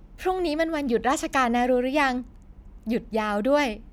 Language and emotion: Thai, happy